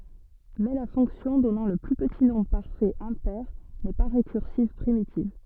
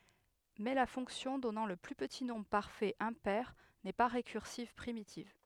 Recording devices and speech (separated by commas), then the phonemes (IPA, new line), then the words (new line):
soft in-ear microphone, headset microphone, read sentence
mɛ la fɔ̃ksjɔ̃ dɔnɑ̃ lə ply pəti nɔ̃bʁ paʁfɛt ɛ̃pɛʁ nɛ pa ʁekyʁsiv pʁimitiv
Mais la fonction donnant le plus petit nombre parfait impair n'est pas récursive primitive.